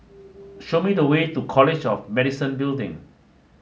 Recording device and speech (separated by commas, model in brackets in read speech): mobile phone (Samsung S8), read sentence